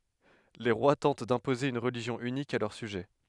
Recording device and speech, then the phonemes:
headset microphone, read sentence
le ʁwa tɑ̃t dɛ̃poze yn ʁəliʒjɔ̃ ynik a lœʁ syʒɛ

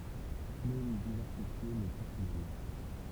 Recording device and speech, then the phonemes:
temple vibration pickup, read sentence
klon divɛʁsifje mɛ tus mal

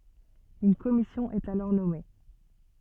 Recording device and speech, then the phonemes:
soft in-ear microphone, read sentence
yn kɔmisjɔ̃ ɛt alɔʁ nɔme

